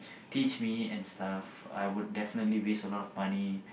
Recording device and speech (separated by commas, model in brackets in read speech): boundary microphone, conversation in the same room